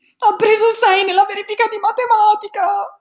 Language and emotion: Italian, fearful